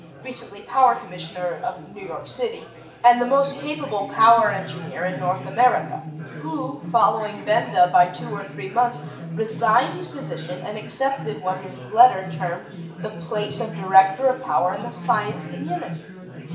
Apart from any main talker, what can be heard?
Crowd babble.